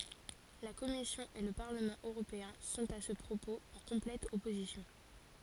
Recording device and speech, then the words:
forehead accelerometer, read sentence
La commission et le Parlement européen sont à ce propos en complète opposition.

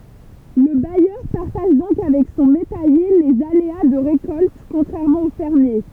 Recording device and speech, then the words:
temple vibration pickup, read sentence
Le bailleur partage donc avec son métayer les aléas de récolte, contrairement au fermier.

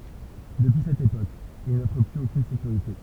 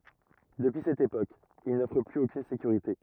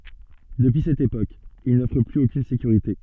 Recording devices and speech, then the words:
temple vibration pickup, rigid in-ear microphone, soft in-ear microphone, read sentence
Depuis cette époque, il n‘offre plus aucune sécurité.

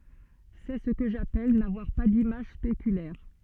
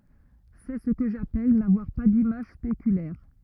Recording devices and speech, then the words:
soft in-ear microphone, rigid in-ear microphone, read sentence
C'est ce que j'appelle n'avoir pas d'image spéculaire.

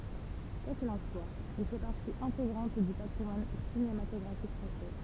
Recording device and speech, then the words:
temple vibration pickup, read sentence
Quoi qu'il en soit, il fait partie intégrante du patrimoine cinématographique français.

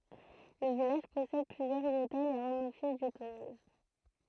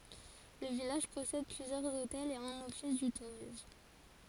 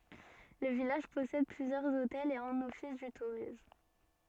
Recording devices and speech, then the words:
throat microphone, forehead accelerometer, soft in-ear microphone, read sentence
Le village possède plusieurs hôtels et un office du tourisme.

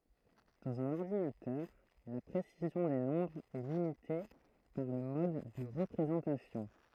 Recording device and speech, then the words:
throat microphone, read sentence
Dans un ordinateur, la précision des nombres est limitée par le mode de représentation.

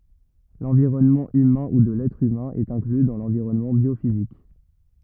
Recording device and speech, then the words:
rigid in-ear microphone, read sentence
L'environnement humain ou de l'être humain est inclus dans l'environnement biophysique.

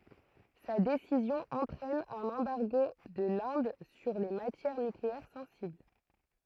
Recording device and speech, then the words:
throat microphone, read sentence
Sa décision entraîne un embargo de l'Inde sur les matières nucléaires sensibles.

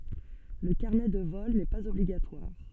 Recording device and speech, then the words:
soft in-ear microphone, read sentence
Le carnet de vol n'est pas obligatoire.

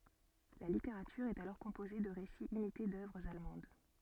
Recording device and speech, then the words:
soft in-ear microphone, read sentence
La littérature est alors composée de récits imités d’œuvres allemandes.

